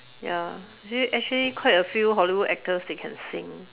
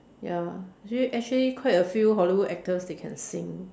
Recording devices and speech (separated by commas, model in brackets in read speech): telephone, standing microphone, conversation in separate rooms